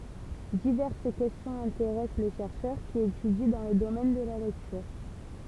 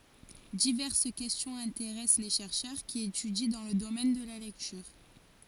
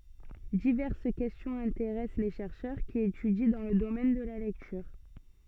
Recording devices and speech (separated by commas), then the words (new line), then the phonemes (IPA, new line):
temple vibration pickup, forehead accelerometer, soft in-ear microphone, read sentence
Diverses questions intéressent les chercheurs qui étudient dans le domaine de la lecture.
divɛʁs kɛstjɔ̃z ɛ̃teʁɛs le ʃɛʁʃœʁ ki etydi dɑ̃ lə domɛn də la lɛktyʁ